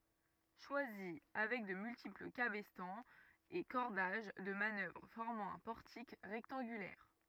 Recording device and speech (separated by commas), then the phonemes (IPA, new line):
rigid in-ear microphone, read sentence
ʃwazi avɛk də myltipl kabɛstɑ̃z e kɔʁdaʒ də manœvʁ fɔʁmɑ̃ œ̃ pɔʁtik ʁɛktɑ̃ɡylɛʁ